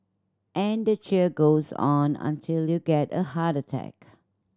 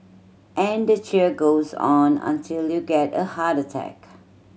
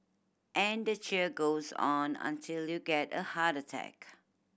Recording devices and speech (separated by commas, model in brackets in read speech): standing microphone (AKG C214), mobile phone (Samsung C7100), boundary microphone (BM630), read sentence